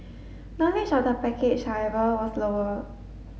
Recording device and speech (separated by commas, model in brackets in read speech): mobile phone (Samsung S8), read sentence